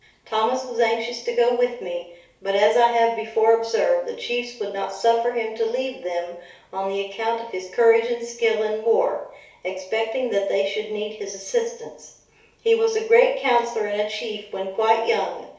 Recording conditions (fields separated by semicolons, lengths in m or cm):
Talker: one person; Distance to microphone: 3.0 m; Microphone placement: far; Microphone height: 1.8 m; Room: small (3.7 m by 2.7 m); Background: none